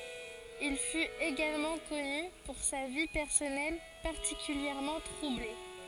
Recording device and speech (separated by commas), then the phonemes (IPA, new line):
forehead accelerometer, read sentence
il fyt eɡalmɑ̃ kɔny puʁ sa vi pɛʁsɔnɛl paʁtikyljɛʁmɑ̃ tʁuble